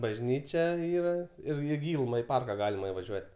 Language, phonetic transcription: Lithuanian, bažˈnyčia ˈyra ˈir i ˈgyluma i ˈparka ˈgalima ivaˈžiuot'

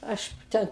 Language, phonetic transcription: Lithuanian, ˈaš ˈte

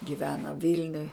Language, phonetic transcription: Lithuanian, giˈvena ˈvilniuj

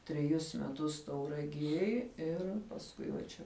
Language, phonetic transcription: Lithuanian, treˈjus meˈtus tauraˈgiej ˈir pasˈkui va ˈčia

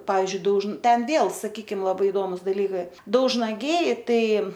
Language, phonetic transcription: Lithuanian, ˈpavizdžiui daužn ˈten ˈvėl saˈkykim laˈbai iˈdomus daˈlykai daužnaˈgiai ˈtai

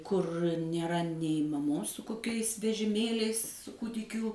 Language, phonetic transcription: Lithuanian, kur nėˈra nei maˈmos su koˈkiais vežiˈmėliais su ˈkūdikių

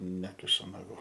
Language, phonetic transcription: Lithuanian, ˈnekišu naˈgų

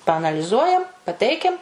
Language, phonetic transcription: Lithuanian, paanaliˈzuojam paˈteikiam

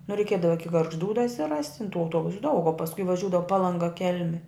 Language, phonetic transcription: Lithuanian, nu reiˈkiedava ˈiki gargžˈdų dasiˈrast' tin tų auˈtuobusu daug o pasˈkui vaˈžiūdavo palanˈga ˈkel'mi

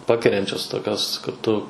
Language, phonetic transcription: Lithuanian, ˈpakeriančios ˈtokios kad ˈtu

